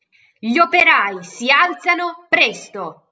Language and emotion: Italian, angry